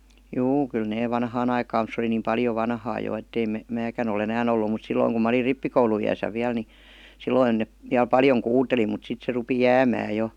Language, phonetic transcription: Finnish, juu , kyllä nee 'vanhaan ‿aikaam mut se oli niim 'paljo 'vanhaa jo ettei me- , 'määkän ‿o'l ‿enään ‿ollu mut 'silloiŋ kum ma olir "rippikoulu₍iʲäsä viäl ni , 'silloin ne , viäl "paljoŋ 'kuuteli mut 'sit se rupi "jäämää jo .
- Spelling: juu kyllä ne vanhaan aikaan mutta se oli niin paljon vanhaa jo että ei - minäkään ole enää ollut mutta silloin kun minä olin rippikouluiässä vielä niin silloin ne vielä paljon kuuteli mutta sitten se rupesi jäämään jo

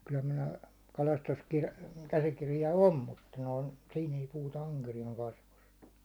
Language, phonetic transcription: Finnish, ky1häm minä , kalastuskirja- , käsikirja "om mutta noin̬ , 'sin ‿ei puhuta 'aŋkerijàŋ 'kasvust .
- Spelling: kyllähän minä - käsikirja on mutta noin siinä ei puhuta ankeriaan kasvusta

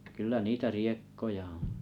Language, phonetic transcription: Finnish, kyl̆lä 'niitä "riekkoja oo̰ .
- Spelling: kyllä niitä riekkoja on

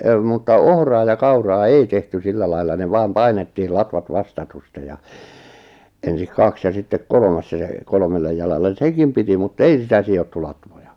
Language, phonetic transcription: Finnish, mutta 'ohraa ja 'kauraa "ei "tehty 'sillä lailla ne 'vaam "painettiil 'latvat "vastatustej ja , 'ensik "kaks ja ’sittek "kolᵒmas ja se , 'kolᵒmellej jalallen̬ "sekim piti mut"t ‿ei sitä 'si₍ottu latvoja .
- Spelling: mutta ohraa ja kauraa ei tehty sillä lailla ne vain painettiin latvat vastatusten ja ensin kaksi ja sitten kolmas ja se kolmelle jalalle sekin piti mutta ei sitä sidottu latvoja

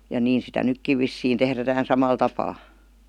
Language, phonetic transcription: Finnish, ja 'niin sitä ''nykkiv vissiin ''tehrätähän 'samal 'tapaa .
- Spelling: ja niin sitä nytkin vissiin tehdään samalla tapaa

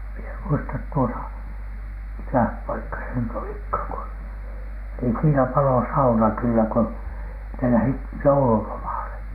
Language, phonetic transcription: Finnish, mi ‿e ‿muistat tuota , 'mikäh 'paikka se nyt olikhàŋ ku , niin siinä 'palo "sauna kyllä ko , ne lähit "joululomàle .
- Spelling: minä en muista tuota mikä paikka se nyt olikaan kun niin siinä paloi sauna kyllä kun ne lähtivät joululomalle

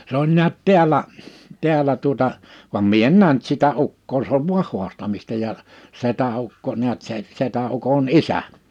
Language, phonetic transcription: Finnish, se ‿oĺ 'niät 'ti̬äl̀ä , 'tiäl̀ä tuᵒta , vam 'mie en "nähnt sitä 'Ukkoo 'sᵉ ‿ov "vu̬ah 'huastamista ja , 'setä₍ukko niät se , 'setä'’ukon "isä .
- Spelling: se oli näet täällä täällä tuota vaan minä en nähnyt sitä Ukkoa se on vain haastamista ja setäukko näet se setäukon isä

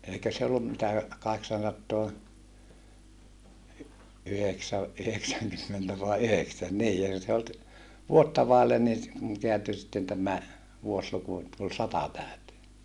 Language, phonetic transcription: Finnish, eikä se ollum mitä , kaheksansattoa , yheksä- , yheksäŋkymmentä vai yheksän nii ei(kö) se olt , vuotta vàellen nii se , keänty sitten tämä , vuosluku et tul sata tä̀y̬tee .
- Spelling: eikä se ollut mitä kahdeksansataa - yhdeksänkymmentä vai yhdeksän niin eikö se ollut vuotta vaille niin se kääntyi sitten tämä vuosiluku että tuli sata täyteen

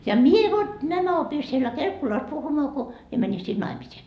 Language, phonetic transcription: Finnish, ja "mie vot 'nämä opi siellä 'Kelkkulas 'puhumaa ko , mie mäni sin "naimisiin .
- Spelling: ja minä vot nämä opin siellä Kelkkulassa puhumaan kun minä menin sinne naimisiin

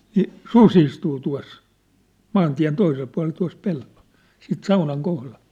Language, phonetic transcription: Finnish, ni , "su's ‿istuu tua̭s , "maantiä̭n 'toisel pua̭lel tua̭s 'pellᴏʟ , 'siit "saunaŋ 'kohlaʟ .
- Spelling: niin susi istuu tuossa maantien toisella puolella tuossa pellolla sitten saunan kohdalla

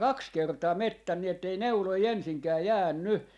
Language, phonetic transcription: Finnish, "kaks 'kertaa 'mettän nii ettei "neuloi 'ensiŋkää "jäänny .
- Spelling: kaksi kertaa metsän niin että ei neuloja ensinkään jäänyt

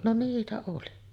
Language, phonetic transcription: Finnish, no 'niitä oli .
- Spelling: no niitä oli

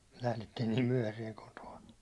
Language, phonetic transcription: Finnish, lählettiin niim 'myäₒhäsiɛŋ koto₍a .
- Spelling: lähdettiin niin myöhään kotoa

